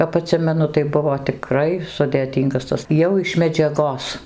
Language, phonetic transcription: Lithuanian, kap aˈtsimenu tai ˈbuvo tiˈkrai sudėˈtyngas ˈtas ˈjau iš medžiaˈgos

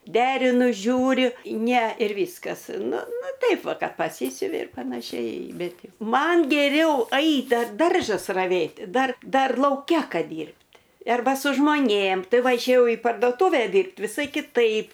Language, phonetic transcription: Lithuanian, ˈderinu ˈžiūriu ne ir ˈvyskas ˈnu ˈnu ˈtaip ˈva ˈkad paˈsysiuvi ir panaˈšiai ˈbet ˈjau ˈman geˈriau ˈait dar ˈdaržas raˈvėt' ˈdar ˈdar lauˈke ˈkad ˈdyrbt' ˈarba su žmoˈnėm ˈtai ˈva išėˈjau į pardoˈtūve ˈdyrbt viˈsai kiˈtaip

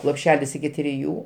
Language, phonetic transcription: Lithuanian, lopˈšelis iki triˈjų

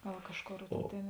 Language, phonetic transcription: Lithuanian, ˈgal ˈkažˌkor ˈtėn

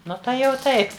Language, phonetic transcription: Lithuanian, ˈnu tai jau ˈtaip

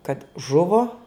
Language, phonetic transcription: Lithuanian, kad ˈžuvo

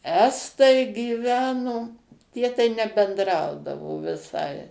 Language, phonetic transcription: Lithuanian, ˈestai gyˈveno ˈtie tai nebendˈraudavo viˈsai

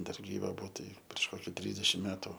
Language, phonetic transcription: Lithuanian, ˈdar gyˈva ˈbuvo ˈtai prieš ˈkoki ˈtrysdešim ˈmetu

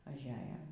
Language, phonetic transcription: Lithuanian, ažˈeja

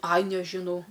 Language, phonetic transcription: Lithuanian, aj nežiˈnau

